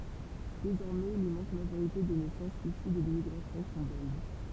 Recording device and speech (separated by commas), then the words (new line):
temple vibration pickup, read sentence
Désormais l'immense majorité des naissances issues de l'immigration sont belges.